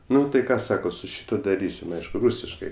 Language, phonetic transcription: Lithuanian, ˈnu tai ˈką ˈsako su ˈšituo daˈrysim ˈaišku ˈrūsiškai

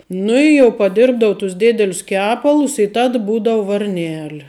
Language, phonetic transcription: Lithuanian, ˈnu i jau paˈdirbdavu tus ˈdėdelius ˈkepalus i ˈtad ˈbūdavu varˈneli

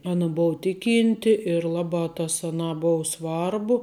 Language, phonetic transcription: Lithuanian, ˈana ˈbova ˈtiˌkynti ir ˈlabā tas aˈnā ˈbou ˈsvarbu

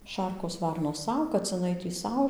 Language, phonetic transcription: Lithuanian, ˈšarkos ˈvarnos ˈsau kaciˈnai tį ˈsau

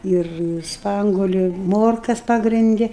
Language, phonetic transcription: Lithuanian, ir ˈspanguoliu i ˈmorkas ˌpagrinˈdi

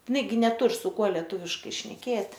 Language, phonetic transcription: Lithuanian, iˈnai gi neˈtur su ˈkuo leˈtūviškai šneˈkėt'

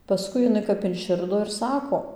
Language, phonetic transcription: Lithuanian, paˈskui jiˈnai kap inˈširdo ir ˈsako

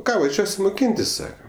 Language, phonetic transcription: Lithuanian, ˈką vaˈžiuosi moˈkyntis ˈsaka

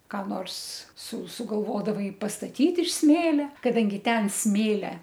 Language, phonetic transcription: Lithuanian, ką ˈnors su sugalˈvodavai pastaˈtyt iš ˈsmėlia kaˈdangi ˈten ˈsmėlia

